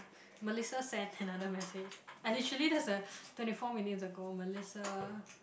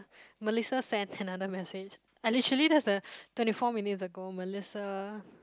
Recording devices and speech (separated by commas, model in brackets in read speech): boundary microphone, close-talking microphone, conversation in the same room